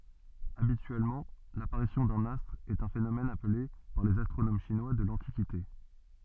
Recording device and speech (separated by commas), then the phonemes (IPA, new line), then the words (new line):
soft in-ear microphone, read sentence
abityɛlmɑ̃ lapaʁisjɔ̃ dœ̃n astʁ ɛt œ̃ fenomɛn aple paʁ lez astʁonom ʃinwa də lɑ̃tikite
Habituellement, l'apparition d'un astre est un phénomène appelé par les astronomes chinois de l'Antiquité.